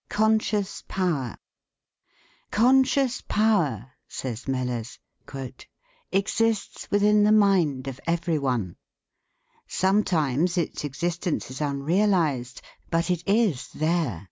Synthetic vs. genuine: genuine